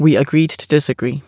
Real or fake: real